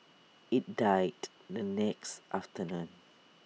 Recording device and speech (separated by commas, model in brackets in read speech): mobile phone (iPhone 6), read sentence